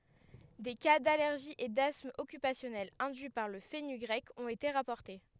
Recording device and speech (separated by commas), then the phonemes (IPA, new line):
headset microphone, read sentence
de ka dalɛʁʒi e dasm ɔkypasjɔnɛl ɛ̃dyi paʁ lə fənyɡʁɛk ɔ̃t ete ʁapɔʁte